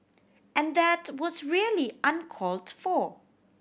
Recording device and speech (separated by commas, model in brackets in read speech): boundary microphone (BM630), read sentence